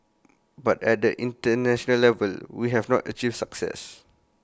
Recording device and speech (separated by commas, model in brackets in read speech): close-talking microphone (WH20), read sentence